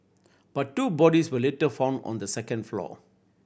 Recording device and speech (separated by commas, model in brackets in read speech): boundary microphone (BM630), read sentence